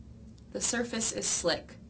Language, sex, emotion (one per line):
English
female
neutral